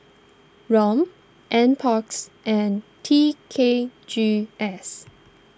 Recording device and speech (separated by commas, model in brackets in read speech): standing microphone (AKG C214), read sentence